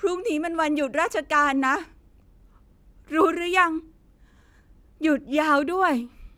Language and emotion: Thai, sad